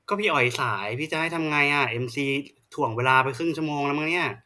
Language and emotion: Thai, frustrated